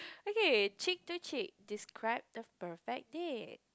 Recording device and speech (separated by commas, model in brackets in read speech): close-talking microphone, conversation in the same room